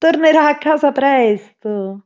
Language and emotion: Italian, happy